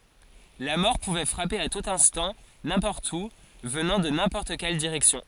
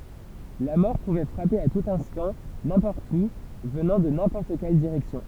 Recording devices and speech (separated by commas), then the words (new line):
forehead accelerometer, temple vibration pickup, read sentence
La mort pouvait frapper à tout instant, n'importe où, venant de n'importe quelle direction.